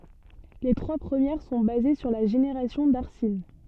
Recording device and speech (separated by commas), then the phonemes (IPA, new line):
soft in-ear microphone, read sentence
le tʁwa pʁəmjɛʁ sɔ̃ baze syʁ la ʒeneʁasjɔ̃ daʁsin